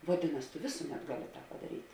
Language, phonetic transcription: Lithuanian, vaˈdinas tu ˈvėsuˌmet ˈgaˌli padaˈryt'

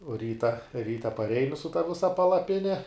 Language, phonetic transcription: Lithuanian, uo ˈryta ˈryta paˈreini su ta ˈvisa palaˈpine

